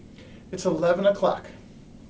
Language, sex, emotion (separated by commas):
English, male, neutral